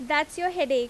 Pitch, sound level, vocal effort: 300 Hz, 90 dB SPL, loud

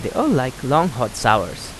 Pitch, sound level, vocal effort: 125 Hz, 85 dB SPL, normal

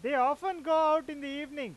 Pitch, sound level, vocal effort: 295 Hz, 101 dB SPL, loud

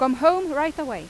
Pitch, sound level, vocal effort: 300 Hz, 95 dB SPL, very loud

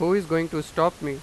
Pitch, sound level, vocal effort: 165 Hz, 94 dB SPL, loud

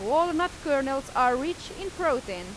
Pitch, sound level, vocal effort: 300 Hz, 93 dB SPL, very loud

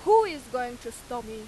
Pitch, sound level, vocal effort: 245 Hz, 98 dB SPL, very loud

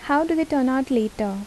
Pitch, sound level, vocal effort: 265 Hz, 77 dB SPL, soft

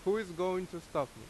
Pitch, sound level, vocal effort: 180 Hz, 88 dB SPL, loud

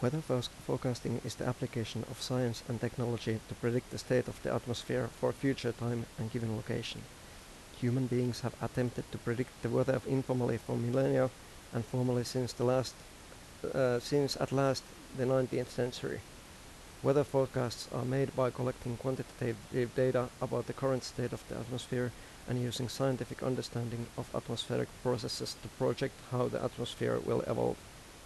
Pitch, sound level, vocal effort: 125 Hz, 82 dB SPL, soft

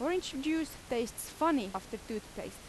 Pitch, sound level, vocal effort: 270 Hz, 86 dB SPL, very loud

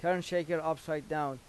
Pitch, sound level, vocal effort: 160 Hz, 90 dB SPL, normal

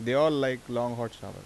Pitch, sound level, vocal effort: 120 Hz, 88 dB SPL, normal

